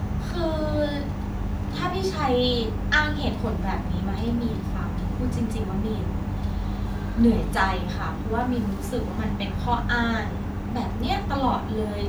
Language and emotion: Thai, frustrated